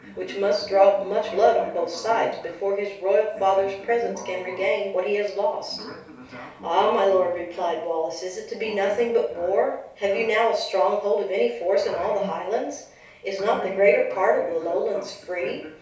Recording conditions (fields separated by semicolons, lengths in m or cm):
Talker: one person; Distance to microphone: 3.0 m; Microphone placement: far; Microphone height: 1.8 m; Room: small (3.7 m by 2.7 m); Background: television